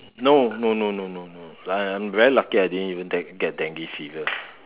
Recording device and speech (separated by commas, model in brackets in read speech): telephone, conversation in separate rooms